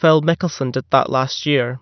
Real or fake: real